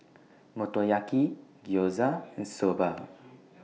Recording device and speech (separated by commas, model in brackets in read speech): mobile phone (iPhone 6), read sentence